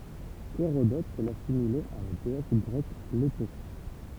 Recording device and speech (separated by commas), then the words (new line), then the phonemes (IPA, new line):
temple vibration pickup, read sentence
Hérodote l'assimilait à la déesse grecque Léto.
eʁodɔt lasimilɛt a la deɛs ɡʁɛk leto